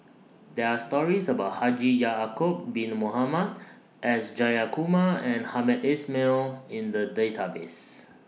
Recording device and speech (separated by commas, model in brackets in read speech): mobile phone (iPhone 6), read sentence